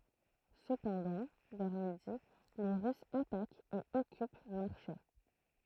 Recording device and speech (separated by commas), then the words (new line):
throat microphone, read sentence
Cependant, vers midi, les Russes attaquent et occupent Marchais.